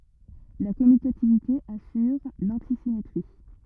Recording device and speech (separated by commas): rigid in-ear microphone, read sentence